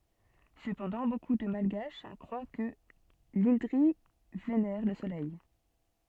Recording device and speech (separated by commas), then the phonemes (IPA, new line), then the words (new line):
soft in-ear microphone, read sentence
səpɑ̃dɑ̃ boku də malɡaʃ kʁwa kə lɛ̃dʁi venɛʁ lə solɛj
Cependant, beaucoup de malgaches croient que l'indri vénère le soleil.